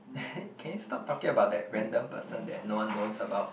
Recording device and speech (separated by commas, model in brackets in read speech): boundary microphone, conversation in the same room